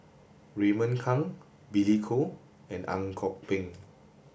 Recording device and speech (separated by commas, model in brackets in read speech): boundary microphone (BM630), read sentence